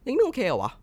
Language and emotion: Thai, neutral